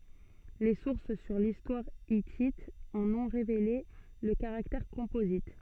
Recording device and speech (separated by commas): soft in-ear microphone, read sentence